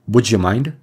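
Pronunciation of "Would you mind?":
'Would you mind?' has an assimilated pronunciation: the d at the end of 'would' merges with the start of 'you' through palatalization.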